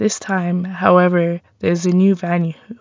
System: none